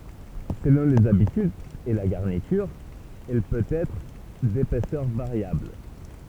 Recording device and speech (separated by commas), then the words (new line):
temple vibration pickup, read sentence
Selon les habitudes et la garniture, elle peut être d'épaisseur variable.